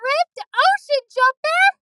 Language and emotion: English, surprised